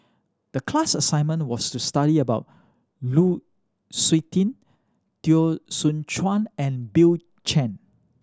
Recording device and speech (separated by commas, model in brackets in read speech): standing microphone (AKG C214), read sentence